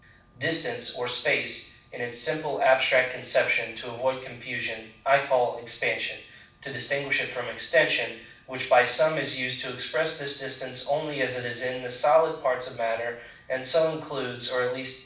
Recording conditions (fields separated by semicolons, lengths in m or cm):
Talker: one person; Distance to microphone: 5.8 m; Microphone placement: far; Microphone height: 1.8 m; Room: medium-sized (5.7 m by 4.0 m); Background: none